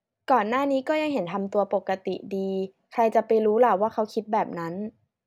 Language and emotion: Thai, neutral